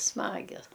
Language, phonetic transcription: Lithuanian, ˈsmagias

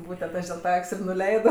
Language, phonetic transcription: Lithuanian, ˈbūtent ˈaš dil ˈtą ˈak's' ir nuˈleido

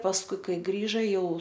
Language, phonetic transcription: Lithuanian, pasˈkui ˈkai ˈgrįža ˈjau

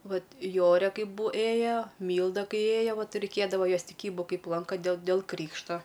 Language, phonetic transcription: Lithuanian, ˈvat ˈjorė ˈkaip bu ˈėjo ˈmylda ˈkai ˈėjo ˈvat reiˈkėdavo ˈjos tiˈkybu ˈkaip ˈlanka dėl dėl ˈkrykšto

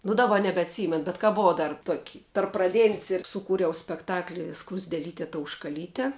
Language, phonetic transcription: Lithuanian, nu daˈba nebeatˈsymen bet ka ˈbuvau ˈdar tuok' tarp praˈdėn's' ir suˈkūriau spekˈtakli skruzdėˈlytė tauškaˈlyte

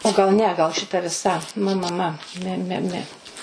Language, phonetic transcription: Lithuanian, o gal ˈne gal šiˈta viˈsa ˈmɜ ˈmɜ ˈmɜ ˈme ˈme ˈme

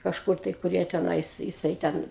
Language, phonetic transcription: Lithuanian, kažˈkur tai kur ˈjie teˈnais jiˈsai ˈten

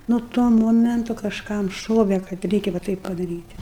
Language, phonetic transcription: Lithuanian, nu ˈtuo ˈmomentu kažˈkam ˈšove kad ˈreikia va ˈtaip padaryt'

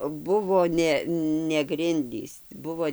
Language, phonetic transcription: Lithuanian, ˈbuvo ˈne ne grinˈdys ˈbuvo

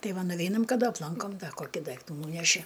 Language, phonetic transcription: Lithuanian, ˈtai ˈva nuˈveinam kaˈda apˈlankom ˈda ˈkoki ˈdaiktų ˈnūneši

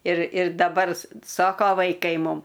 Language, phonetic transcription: Lithuanian, ir ir daˈbar ˈsoko vaiˈkai ˈmum

